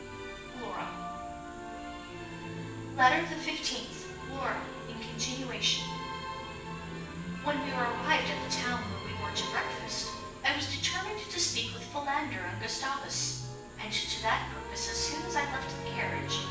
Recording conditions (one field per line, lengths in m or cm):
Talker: one person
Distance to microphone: 9.8 m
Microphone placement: far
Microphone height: 1.8 m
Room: large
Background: music